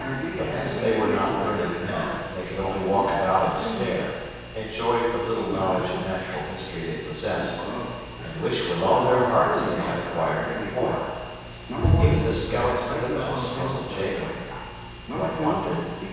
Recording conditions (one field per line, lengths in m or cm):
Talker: one person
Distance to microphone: 7.1 m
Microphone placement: far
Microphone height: 1.7 m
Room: very reverberant, large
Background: television